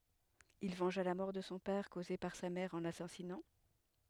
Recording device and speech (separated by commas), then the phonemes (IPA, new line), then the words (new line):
headset microphone, read sentence
il vɑ̃ʒa la mɔʁ də sɔ̃ pɛʁ koze paʁ sa mɛʁ ɑ̃ lasazinɑ̃
Il vengea la mort de son père causée par sa mère en l'assasinant.